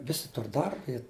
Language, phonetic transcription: Lithuanian, ˈvisi ˈtur ˈdarba i

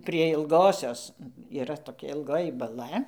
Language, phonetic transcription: Lithuanian, prie ilˈgosios yˈra toˈkia ilˈgoji baˈla

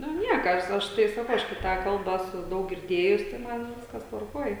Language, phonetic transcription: Lithuanian, ˈnu ˈnieka ˈaš aš tai saˈkau ˈaš kai ˈtą ˈkalbą ˈesu ˈdaug girˈdėjus tai ˈman ˈviskas tvarˈkuoj

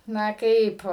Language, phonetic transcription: Lithuanian, ˈna ˈkaip

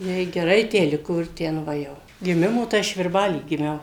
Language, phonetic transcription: Lithuanian, ˈjai geˈrai ˈtę ˈliko ir ˈten ˈva jau giˈmimo tai ˈaš virˈbaly giˈmiau

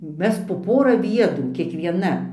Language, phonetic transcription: Lithuanian, ˈmes po ˈpora ˈviedrų kiekvieˈna

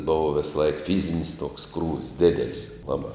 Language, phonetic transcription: Lithuanian, ˈbova visˈlaik ˈfyzinis toks ˈkrūvis ˈdedelis ˈlabā

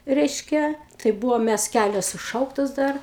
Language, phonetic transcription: Lithuanian, ˈreiškia tai ˈbūvom ˈmæs ˈkælios suˈšauktos ˈdar

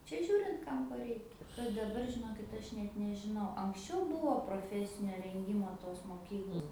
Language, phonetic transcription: Lithuanian, ˈčia ˈžiūrint ˈkam ko ˈreikia kad daˈbar žiˈnokit ˈaš net nežiˈnau anksˈčiau ˈbūvo proˈfesinio renˈgymo tos moˈkyklos

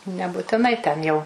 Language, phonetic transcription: Lithuanian, nebutiˈnai ten jau

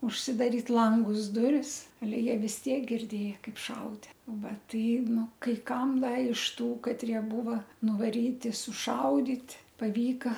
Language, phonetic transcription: Lithuanian, užsidaˈryt ˈlangus ˈduris aˈle jie vis ˈtiek girˈdėja ˈkaip ˈšaude ˈva ˈtai ˈnu kai ˈkam ˈda iš tų katˈrie ˈbūva nuvaˈryti suˈšaudyt' paˈvyka

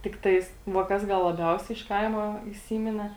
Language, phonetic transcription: Lithuanian, tikˈtais va ˈkas ˈgal laˈbiausiai iš ˈkaima įˈsymine

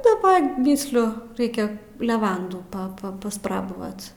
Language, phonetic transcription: Lithuanian, daˈba ˈmysliu ˈraikia leˈvandų pa pa pasˈprabavat

